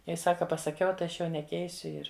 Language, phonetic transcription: Lithuanian, ˈjei ˈsaka pasaˈkiau tai ˈaš jau neˈkeisiu ˈir

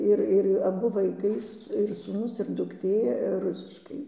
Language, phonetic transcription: Lithuanian, ˈir ˈir aˈbu vaiˈkai ir sūˈnus ir dukˈtė ˈrusiškai

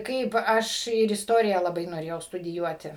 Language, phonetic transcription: Lithuanian, ˈkaip ˈaš ir ˈistorija laˈbai noˈrėjau studiˈjuoti

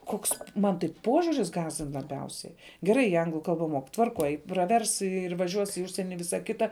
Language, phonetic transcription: Lithuanian, ˈkoks ˈman tai ˈpožiuris ˈgąsdin laˈbiausiai geˈrai ˈanglu ˈkalba mok tvarˈkoj praˈvers ir vaˈžiuos i ˈužsieni i ˈvisa ˈkita

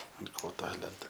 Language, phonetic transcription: Lithuanian, ant ˈkoto ˈlenta

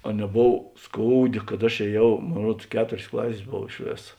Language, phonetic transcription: Lithuanian, a neˈbov ˈskouˌdė kad aš ėˈjau ˈmon ˈruods ˈketorės ˈklasės ˈbov iš ˈvėsa

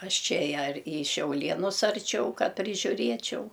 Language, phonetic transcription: Lithuanian, ˈaš ˈčia ja ar į šiauˈlienus arˈčiau ˈka prižiuˈriečiau

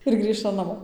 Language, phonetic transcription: Lithuanian, ir ˈgrįžtam naˈmo

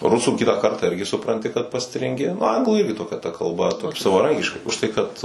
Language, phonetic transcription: Lithuanian, ˈrusų ˈkitą ˈkartą ˈirgi supranˈti kad pastrinˈgi nu ˈanglų ˈirgi toˈkia ta kalˈba savaˈrankiškai užˈtai kad

